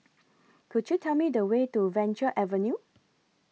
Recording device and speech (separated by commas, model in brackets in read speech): mobile phone (iPhone 6), read sentence